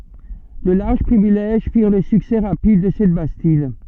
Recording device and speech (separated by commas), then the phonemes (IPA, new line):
soft in-ear microphone, read sentence
də laʁʒ pʁivilɛʒ fiʁ lə syksɛ ʁapid də sɛt bastid